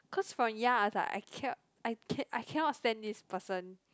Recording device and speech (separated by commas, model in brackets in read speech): close-talking microphone, conversation in the same room